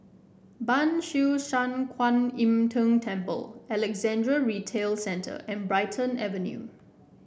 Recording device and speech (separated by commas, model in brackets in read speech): boundary microphone (BM630), read sentence